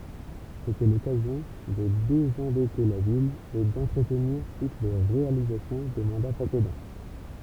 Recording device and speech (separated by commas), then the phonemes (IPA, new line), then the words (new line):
temple vibration pickup, read sentence
setɛ lɔkazjɔ̃ də dezɑ̃dɛte la vil e dɑ̃tʁətniʁ tut le ʁealizasjɔ̃ de mɑ̃da pʁesedɑ̃
C’était l’occasion de désendetter la ville et d’entretenir toutes les réalisations des mandats précédents.